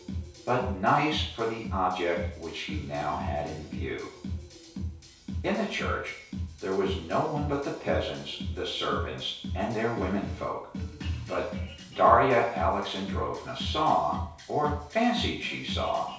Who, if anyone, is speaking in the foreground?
One person.